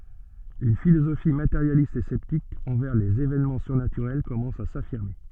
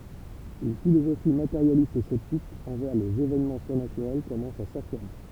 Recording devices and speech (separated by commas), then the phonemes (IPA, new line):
soft in-ear microphone, temple vibration pickup, read sentence
yn filozofi mateʁjalist e sɛptik ɑ̃vɛʁ lez evɛnmɑ̃ syʁnatyʁɛl kɔmɑ̃s a safiʁme